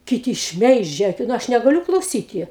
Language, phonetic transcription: Lithuanian, kiˈti ˈšmeižia nu ˈaš negaˈliu klauˈsyti

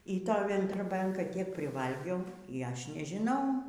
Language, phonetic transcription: Lithuanian, y ˈtoj vendroˈbianka tiek priˈvalgiau y ˈaš nežiˈnau

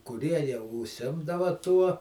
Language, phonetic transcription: Lithuanian, kuˈrie jau užˈsimdava tuo

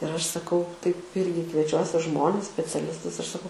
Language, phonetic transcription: Lithuanian, ir ˈaš saˈkau taip ˈirgi kvieˈčiuosi ˈžmones speciaˈlistus ir saˈkau

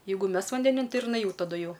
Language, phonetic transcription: Lithuanian, ˈjeigu ˈmes vandeˈnin ˈtai ir jiˈnai ˈjau taˈdu ˈjau

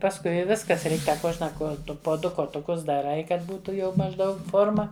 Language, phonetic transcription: Lithuanian, pasˈkui i ˈviskas ˈreik ˈta ˈkuožna kuoˈtu po ˈdu kotuˈkus daˈrai ˈkad ˈbūtu jau mažˈdaug ˈforma

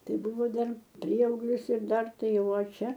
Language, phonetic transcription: Lithuanian, ˈtai ˈbuvo ˈdar ˈprieauglis ir ˈdar ˈtai ˈjau o ˈčia

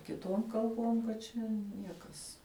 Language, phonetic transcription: Lithuanian, kiˈtuom kalˈbom kad ˈčia ˈniekas

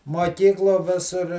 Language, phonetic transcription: Lithuanian, muoˈkykluo ˈvisur

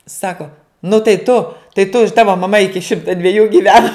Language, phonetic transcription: Lithuanian, ˈsako nu tai ˈtu tai tu i ˈtava maˈma ˈiki ˈšimta dveˈjų giˈvena

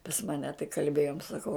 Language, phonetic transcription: Lithuanian, pas ˈmane tai kalˈbėjom saˈkau

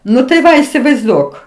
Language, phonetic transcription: Lithuanian, ˈnu tai ˈva isivaizˈduok

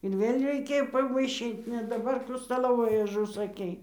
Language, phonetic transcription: Lithuanian, ir ˈvėl' reiˈkėjo pavaiˈšyt ne daˈbar ˈkų staˈlovojų užusaˈkei

